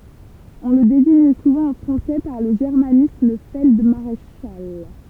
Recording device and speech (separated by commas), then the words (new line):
temple vibration pickup, read sentence
On le désigne souvent en français par le germanisme feld-maréchal.